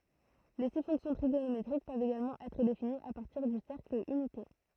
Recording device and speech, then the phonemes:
throat microphone, read sentence
le si fɔ̃ksjɔ̃ tʁiɡonometʁik pøvt eɡalmɑ̃ ɛtʁ definiz a paʁtiʁ dy sɛʁkl ynite

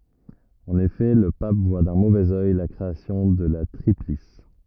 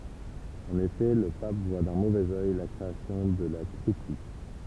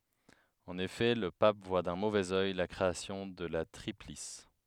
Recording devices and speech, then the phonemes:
rigid in-ear microphone, temple vibration pickup, headset microphone, read sentence
ɑ̃n efɛ lə pap vwa dœ̃ movɛz œj la kʁeasjɔ̃ də la tʁiplis

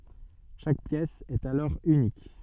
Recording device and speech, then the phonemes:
soft in-ear microphone, read sentence
ʃak pjɛs ɛt alɔʁ ynik

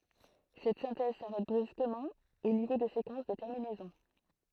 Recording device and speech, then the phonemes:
throat microphone, read sentence
sɛt sɛ̃tɛz saʁɛt bʁyskəmɑ̃ o nivo də sekɑ̃s də tɛʁminɛzɔ̃

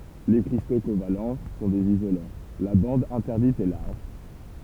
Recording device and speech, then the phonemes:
temple vibration pickup, read sentence
le kʁisto koval sɔ̃ dez izolɑ̃ la bɑ̃d ɛ̃tɛʁdit ɛ laʁʒ

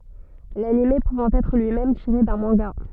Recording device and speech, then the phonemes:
soft in-ear microphone, read sentence
lanim puvɑ̃ ɛtʁ lyi mɛm tiʁe dœ̃ mɑ̃ɡa

